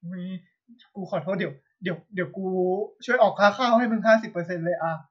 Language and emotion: Thai, sad